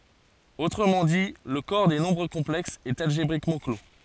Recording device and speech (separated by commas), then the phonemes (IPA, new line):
forehead accelerometer, read sentence
otʁəmɑ̃ di lə kɔʁ de nɔ̃bʁ kɔ̃plɛksz ɛt alʒebʁikmɑ̃ klo